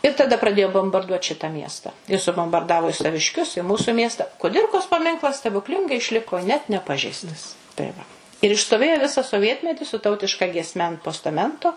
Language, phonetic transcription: Lithuanian, i taˈda praˈdėjo bombarˈduot ˈšita ˈmiesta i subombarˈdavo i savišˈkius i ˈmūsu ˈmiesta kuˈdirkos paˈminklas stebukˈlingai išˈliko net neˈpažeistas tai ˈva ir išstoˈvėjo ˈvisą soˈvietmeti su ˈtautiška giesˈme ant postaˈmento

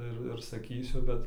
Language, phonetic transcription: Lithuanian, ˈir ir saˈkysiu ˈbet

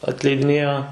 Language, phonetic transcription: Lithuanian, atleidiˈnėjo

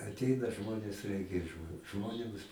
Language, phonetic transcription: Lithuanian, atˈeina ˈžmonės ˈreikia ˈžmonėms

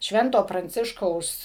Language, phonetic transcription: Lithuanian, ˈšvento pranˈciškaus

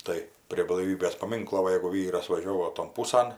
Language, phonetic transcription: Lithuanian, ˈtai prie blaiˈvybės paˈminklo ˈva jeigu ˈvyras vaˈžiovo ton ˈpūsan

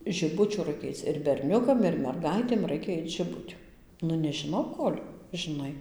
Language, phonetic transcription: Lithuanian, žiˈbučių ˈraikia ˈaic ir berˈniukam ir merˈgaitėm ˈraikia ˈait žiˈbutiu ˈnu nežiˈnau ˈkol' žiˈnai

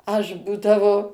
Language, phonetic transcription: Lithuanian, ˈaš ˈbūdavo

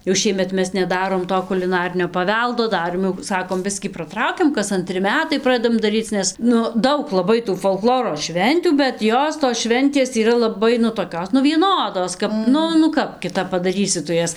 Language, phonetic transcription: Lithuanian, jau ˈšiemet ˈmes neˈdarom ˈto kuliˈnarinio paˈveldo ˈdarėm jau ˈsakom ˈbiskį praˈtraukim kas anˈtri ˈmetai ˈpradedam daˈryc ˈnes ˈnu ˈdaug laˈbai tų folˈkloro ˈšventių bet ˈjos tos ˈšventės yˈra laˈbai nu toˈkios nu vieˈnodos ˈkap ˈnu nu ˈkap kiˈtap padaˈrysi tu ˈjas

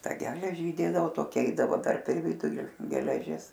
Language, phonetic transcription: Lithuanian, ˈtą ˈgeleži įˈdėdavo toˈkia ˈeidavo per per ˈviduli geleˈžis

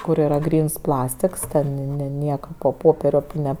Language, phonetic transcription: Lithuanian, kur yˈra ˈgryns ˈplastiks ˈten ne ˈnieka po ˈpopere ˈne

